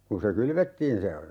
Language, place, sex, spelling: Finnish, Urjala, male, kun se kylvettiin se
- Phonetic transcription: kun se 'kylvettiin se ,.

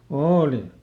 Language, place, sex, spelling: Finnish, Lieto, male, oli
- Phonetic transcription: ˈooli .

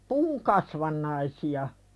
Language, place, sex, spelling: Finnish, Pälkäne, female, puun kasvannaisia
- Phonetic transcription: puuŋ kasvannaisi₍a .

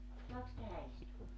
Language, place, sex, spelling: Finnish, Joutsa, female, saakos tähän istua
- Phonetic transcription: 'soaks 'tähä 'istua .

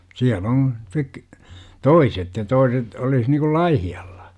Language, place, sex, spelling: Finnish, Jurva, male, siellä on - toiset ja toiset olisi niin kuin Laihialla
- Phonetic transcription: 'siäl 'oŋ§ , (sik-) , "toiset ja 'toiset , olis nikul "Laihi₍aLLA .

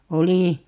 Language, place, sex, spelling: Finnish, Paavola, female, oli
- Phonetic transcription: 'oli , .

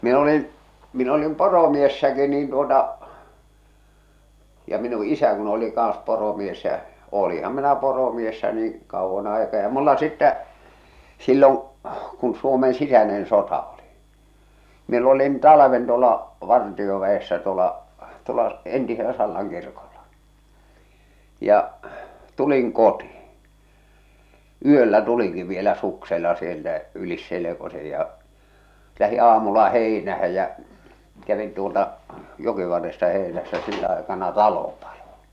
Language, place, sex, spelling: Finnish, Salla, male, minä olin minä olin poromiehenäkin niin tuota ja minun isä kun oli kanssa poromies ja olinhan minä poromiehenä niin kauan aikaa ja minulla sitten silloin kun Suomen sisäinen sota oli minä olin talven tuolla vartioväessä tuolla tuolla entisellä Sallan kirkolla ja tulin kotiin yöllä tulinkin vielä suksella sieltä yli selkosen ja lähdin aamulla heinään ja kävin tuolta jokivarresta heinässä sillä aikana talo paloi
- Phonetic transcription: min ‿olin , min ‿olim 'poromiessäki niin tuota , ja minu 'isä kun oli 'kàn̬s poromies jä , 'ooliham minä poromiessä niin̬ , 'kauvvan ‿aikaa ja mulla sittä , 'silloŋ , kun Suomen 'sisänen 'sota oli , miel ‿olin 'talaven tuola , "vartiovä₍essä tuola , tuola , 'entiselä 'Sallaŋ 'kirkolʟᴀ , ja' , 'tuliŋ 'kotɪɪ , "yöllä 'tuliŋki vielä suksella sieltä , "ylis 'selekose ja , 'lähi 'aamulla "hèinähä jä͔ , kävin tuolta , 'jokivarresta 'hèḙnässä sillä aekana "talo paʟᴏ .

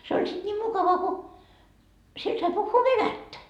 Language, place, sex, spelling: Finnish, Markkova, female, se oli sitten niin mukava kun siellä sai puhua venäjää
- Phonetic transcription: se oĺ sit 'niim 'mukava ko , 'siel sai puhhuu "venättä .

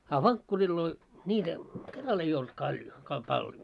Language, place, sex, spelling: Finnish, Moloskovitsa, male, a vankkureilla niitä kerralla ei ollut kaljon - - paljon
- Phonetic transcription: a "vaŋkkurilloi , ńiitä , 'keral ‿ei olt kaljo , ka- pal- 'paljo .

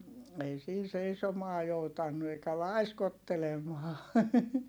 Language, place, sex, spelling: Finnish, Heinola, female, ei siinä seisomaan joutanut eikä laiskottelemaan
- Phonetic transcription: ei siin̬ seisomaa joutannu eikä laiskottelemaa .

